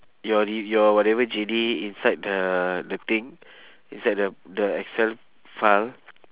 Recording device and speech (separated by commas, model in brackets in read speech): telephone, conversation in separate rooms